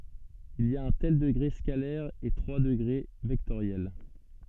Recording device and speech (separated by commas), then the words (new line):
soft in-ear microphone, read sentence
Il y a un tel degré scalaire et trois degrés vectoriels.